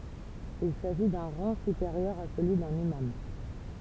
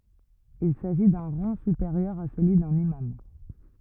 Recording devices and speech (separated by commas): temple vibration pickup, rigid in-ear microphone, read sentence